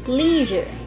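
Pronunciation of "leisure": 'Leisure' is given the British pronunciation here.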